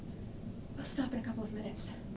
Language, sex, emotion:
English, female, fearful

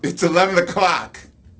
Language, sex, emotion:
English, male, angry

